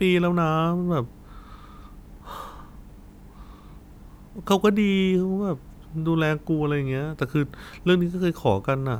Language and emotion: Thai, frustrated